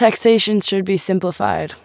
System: none